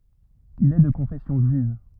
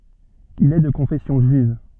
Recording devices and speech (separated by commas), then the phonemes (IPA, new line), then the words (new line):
rigid in-ear microphone, soft in-ear microphone, read sentence
il ɛ də kɔ̃fɛsjɔ̃ ʒyiv
Il est de confession juive.